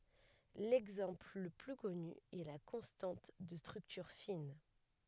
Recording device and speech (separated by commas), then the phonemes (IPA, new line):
headset microphone, read sentence
lɛɡzɑ̃pl lə ply kɔny ɛ la kɔ̃stɑ̃t də stʁyktyʁ fin